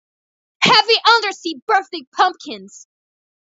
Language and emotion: English, disgusted